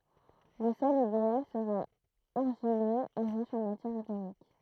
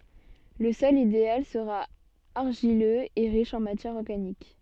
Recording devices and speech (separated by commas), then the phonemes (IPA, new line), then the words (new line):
throat microphone, soft in-ear microphone, read sentence
lə sɔl ideal səʁa aʁʒiløz e ʁiʃ ɑ̃ matjɛʁ ɔʁɡanik
Le sol idéal sera argileux et riche en matière organique.